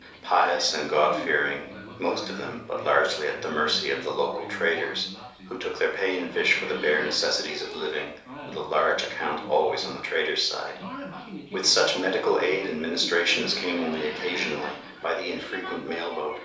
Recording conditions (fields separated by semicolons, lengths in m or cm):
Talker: one person; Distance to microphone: 3.0 m; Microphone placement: far; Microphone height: 1.8 m; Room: small (3.7 m by 2.7 m); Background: television